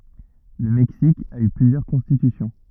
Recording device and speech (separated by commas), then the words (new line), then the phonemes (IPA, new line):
rigid in-ear microphone, read sentence
Le Mexique a eu plusieurs constitutions.
lə mɛksik a y plyzjœʁ kɔ̃stitysjɔ̃